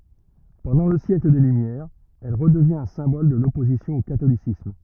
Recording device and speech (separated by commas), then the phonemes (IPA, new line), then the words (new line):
rigid in-ear microphone, read sentence
pɑ̃dɑ̃ lə sjɛkl de lymjɛʁz ɛl ʁədəvjɛ̃t œ̃ sɛ̃bɔl də lɔpozisjɔ̃ o katolisism
Pendant le siècle des Lumières, elle redevient un symbole de l'opposition au catholicisme.